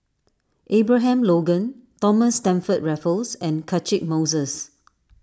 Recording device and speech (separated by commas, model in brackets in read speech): standing microphone (AKG C214), read sentence